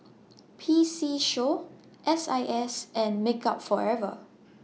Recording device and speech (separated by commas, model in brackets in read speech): mobile phone (iPhone 6), read sentence